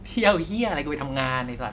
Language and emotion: Thai, happy